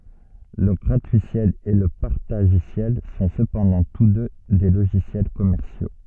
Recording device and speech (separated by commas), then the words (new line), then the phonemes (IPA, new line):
soft in-ear microphone, read sentence
Le gratuiciel et le partagiciel sont cependant tous deux des logiciels commerciaux.
lə ɡʁatyisjɛl e lə paʁtaʒisjɛl sɔ̃ səpɑ̃dɑ̃ tus dø de loʒisjɛl kɔmɛʁsjo